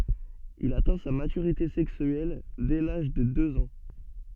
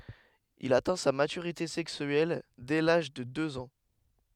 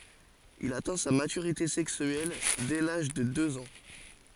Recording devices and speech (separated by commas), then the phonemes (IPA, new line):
soft in-ear microphone, headset microphone, forehead accelerometer, read sentence
il atɛ̃ sa matyʁite sɛksyɛl dɛ laʒ də døz ɑ̃